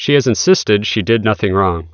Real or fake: real